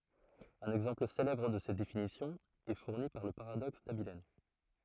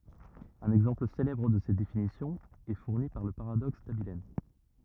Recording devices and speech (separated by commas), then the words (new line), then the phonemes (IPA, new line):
throat microphone, rigid in-ear microphone, read sentence
Un exemple célèbre de cette définition est fourni par le paradoxe d'Abilene.
œ̃n ɛɡzɑ̃pl selɛbʁ də sɛt definisjɔ̃ ɛ fuʁni paʁ lə paʁadɔks dabiln